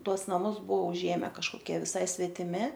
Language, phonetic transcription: Lithuanian, ˈtuos naˈmus ˈbuo uˈžėme kažkoˈkie viˈsai svetiˈmi

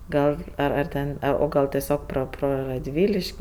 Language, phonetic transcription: Lithuanian, ˈgal ar ar ˈten a o ˈgal ˈtesiog pro ˈpro radˈvyliš'k'

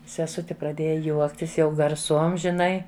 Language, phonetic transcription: Lithuanian, seˈsuti praˈdėja ˈjuoktis jau garˈsuom žiˈnai

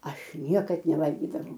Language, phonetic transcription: Lithuanian, ˈaš ˈniekad neˈvalgydavau

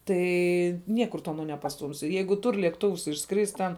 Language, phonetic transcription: Lithuanian, ˈtai ˈniekur tu ˈano nepasˈtūmsi ˈjeigu ˈtur lėkˈtuvs išˈskrist' ten

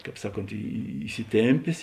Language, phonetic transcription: Lithuanian, ˈkāp ˈsaˌkont įsiˈtėmpės

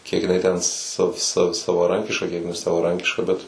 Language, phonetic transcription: Lithuanian, kiek jiˈnai ten sa sa savaˈrankiška ˈkiek nesavaˈrankiška ˈbet

